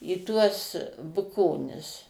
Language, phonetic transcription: Lithuanian, į ˈtuos buˈkonis

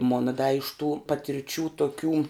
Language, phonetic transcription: Lithuanian, ˈmona da iš tų patirˈčių toˈkių

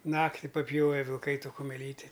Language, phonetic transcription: Lithuanian, ˈnakti paˈpjove vilˈkai ˈto kumeˈlyti

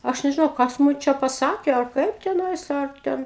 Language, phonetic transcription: Lithuanian, ˈaš nežiˈnau ˈkas mum ˈčia paˈsakė ar ˈkaip teˈnais ar ˈten

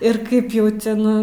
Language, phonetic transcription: Lithuanian, ir ˈkaip jau ˈten

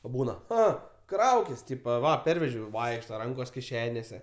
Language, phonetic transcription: Lithuanian, o ˈbūna ˈa ˈkraukis ˈtypa ˈva ˈpervežiau ˈvaikšta ˈrankos kiˈšenėse

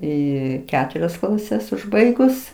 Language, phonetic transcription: Lithuanian, ˈį ˈketurias klaˈses užˈbaigus

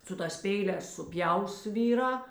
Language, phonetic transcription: Lithuanian, su ˈtās ˈpeiˌlēs suˈpjaus ˈvyˌrā

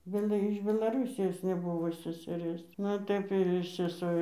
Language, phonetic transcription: Lithuanian, ˈbela iš belaˈrūsijos neˈbuvo seseˈrės ˈnu ir ˈtaip ir seˈso

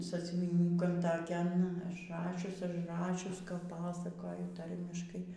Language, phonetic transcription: Lithuanian, sąsiuvyˈniūkan taˈkian ažˈrašius ažˈrašius kap ˈpasakoju ˈtarmiškai

